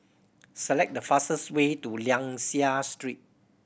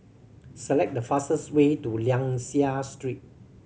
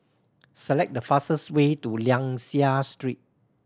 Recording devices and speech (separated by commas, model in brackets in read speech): boundary microphone (BM630), mobile phone (Samsung C7100), standing microphone (AKG C214), read sentence